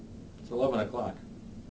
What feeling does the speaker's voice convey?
neutral